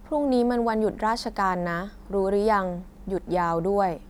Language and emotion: Thai, neutral